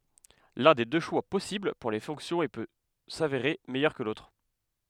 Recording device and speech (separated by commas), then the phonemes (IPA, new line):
headset microphone, read sentence
lœ̃ de dø ʃwa pɔsibl puʁ le fɔ̃ksjɔ̃z e pø saveʁe mɛjœʁ kə lotʁ